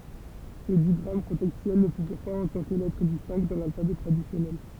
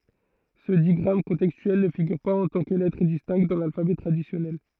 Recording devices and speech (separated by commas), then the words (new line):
temple vibration pickup, throat microphone, read sentence
Ce digramme contextuel ne figure pas en tant que lettre distincte dans l’alphabet traditionnel.